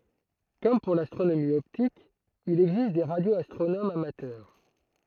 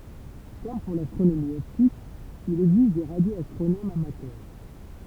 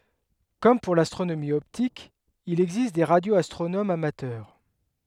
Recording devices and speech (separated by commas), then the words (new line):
throat microphone, temple vibration pickup, headset microphone, read sentence
Comme pour l'astronomie optique, il existe des radioastronomes amateurs.